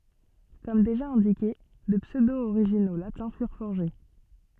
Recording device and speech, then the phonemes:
soft in-ear microphone, read sentence
kɔm deʒa ɛ̃dike də psødooʁiʒino latɛ̃ fyʁ fɔʁʒe

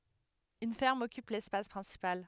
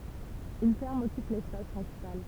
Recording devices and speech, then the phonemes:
headset microphone, temple vibration pickup, read sentence
yn fɛʁm ɔkyp lɛspas pʁɛ̃sipal

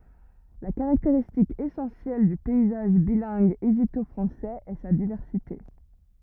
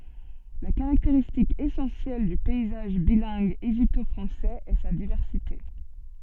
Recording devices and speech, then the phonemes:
rigid in-ear microphone, soft in-ear microphone, read sentence
la kaʁakteʁistik esɑ̃sjɛl dy pɛizaʒ bilɛ̃ɡ eʒipto fʁɑ̃sɛz ɛ sa divɛʁsite

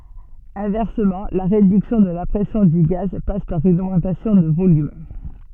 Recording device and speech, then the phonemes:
soft in-ear microphone, read sentence
ɛ̃vɛʁsəmɑ̃ la ʁedyksjɔ̃ də la pʁɛsjɔ̃ dy ɡaz pas paʁ yn oɡmɑ̃tasjɔ̃ də volym

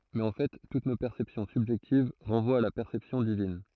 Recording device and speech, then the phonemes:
throat microphone, read sentence
mɛz ɑ̃ fɛ tut no pɛʁsɛpsjɔ̃ sybʒɛktiv ʁɑ̃vwat a la pɛʁsɛpsjɔ̃ divin

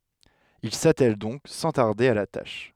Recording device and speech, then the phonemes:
headset microphone, read sentence
il satɛl dɔ̃k sɑ̃ taʁde a la taʃ

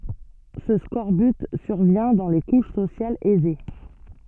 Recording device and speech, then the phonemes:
soft in-ear microphone, read sentence
sə skɔʁbyt syʁvjɛ̃ dɑ̃ le kuʃ sosjalz ɛze

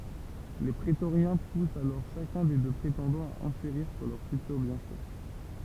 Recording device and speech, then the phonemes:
temple vibration pickup, read sentence
le pʁetoʁjɛ̃ pust alɔʁ ʃakœ̃ de dø pʁetɑ̃dɑ̃z a ɑ̃ʃeʁiʁ syʁ lœʁ fytyʁ bjɛ̃fɛ

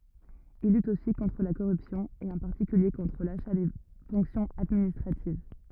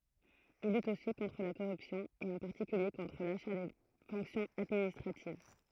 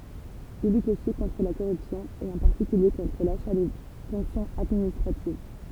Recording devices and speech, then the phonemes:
rigid in-ear microphone, throat microphone, temple vibration pickup, read sentence
il lyt osi kɔ̃tʁ la koʁypsjɔ̃ e ɑ̃ paʁtikylje kɔ̃tʁ laʃa de fɔ̃ksjɔ̃z administʁativ

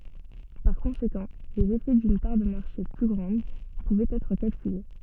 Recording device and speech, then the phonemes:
soft in-ear microphone, read sentence
paʁ kɔ̃sekɑ̃ lez efɛ dyn paʁ də maʁʃe ply ɡʁɑ̃d puvɛt ɛtʁ kalkyle

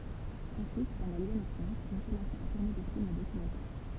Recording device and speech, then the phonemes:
temple vibration pickup, read sentence
ɑ̃syit pɑ̃dɑ̃ lez ane tʁɑ̃t il kɔmɑ̃sa a tuʁne de film dokymɑ̃tɛʁ

